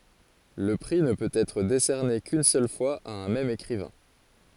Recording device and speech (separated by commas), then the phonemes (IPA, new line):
forehead accelerometer, read sentence
lə pʁi nə pøt ɛtʁ desɛʁne kyn sœl fwaz a œ̃ mɛm ekʁivɛ̃